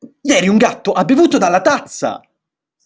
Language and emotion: Italian, angry